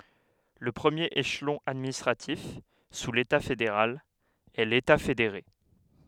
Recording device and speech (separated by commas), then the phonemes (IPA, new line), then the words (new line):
headset microphone, read sentence
lə pʁəmjeʁ eʃlɔ̃ administʁatif su leta fedeʁal ɛ leta fedeʁe
Le premier échelon administratif, sous l’État fédéral, est l’État fédéré.